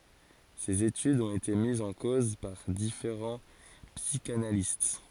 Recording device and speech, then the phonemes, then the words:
forehead accelerometer, read sentence
sez etydz ɔ̃t ete mizz ɑ̃ koz paʁ difeʁɑ̃ psikanalist
Ces études ont été mises en cause par différents psychanalystes.

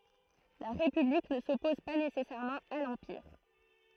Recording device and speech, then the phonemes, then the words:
throat microphone, read sentence
la ʁepyblik nə sɔpɔz pa nesɛsɛʁmɑ̃ a lɑ̃piʁ
La République ne s'oppose pas nécessairement à l'Empire.

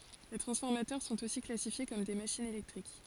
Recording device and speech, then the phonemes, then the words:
forehead accelerometer, read sentence
le tʁɑ̃sfɔʁmatœʁ sɔ̃t osi klasifje kɔm de maʃinz elɛktʁik
Les transformateurs sont aussi classifiés comme des machines électriques.

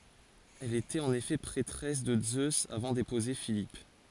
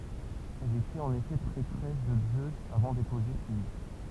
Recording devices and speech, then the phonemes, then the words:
forehead accelerometer, temple vibration pickup, read sentence
ɛl etɛt ɑ̃n efɛ pʁɛtʁɛs də zøz avɑ̃ depuze filip
Elle était en effet prêtresse de Zeus avant d'épouser Philippe.

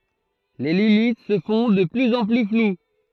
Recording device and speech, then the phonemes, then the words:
throat microphone, read sentence
le limit sə fɔ̃ də plyz ɑ̃ ply flw
Les limites se font de plus en plus floues.

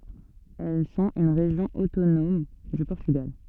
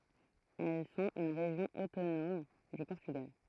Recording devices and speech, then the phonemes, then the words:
soft in-ear microphone, throat microphone, read sentence
ɛl sɔ̃t yn ʁeʒjɔ̃ otonɔm dy pɔʁtyɡal
Elles sont une région autonome du Portugal.

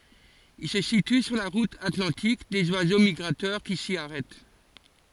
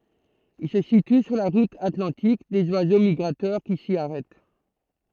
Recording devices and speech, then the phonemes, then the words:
forehead accelerometer, throat microphone, read sentence
il sə sity syʁ la ʁut atlɑ̃tik dez wazo miɡʁatœʁ ki si aʁɛt
Il se situe sur la route atlantique des oiseaux migrateurs qui s'y arrêtent.

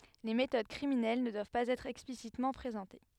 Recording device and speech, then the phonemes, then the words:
headset microphone, read sentence
le metod kʁiminɛl nə dwav paz ɛtʁ ɛksplisitmɑ̃ pʁezɑ̃te
Les méthodes criminelles ne doivent pas être explicitement présentées.

